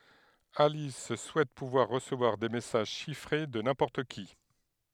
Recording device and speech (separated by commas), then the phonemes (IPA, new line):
headset microphone, read sentence
alis suɛt puvwaʁ ʁəsəvwaʁ de mɛsaʒ ʃifʁe də nɛ̃pɔʁt ki